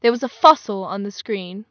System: none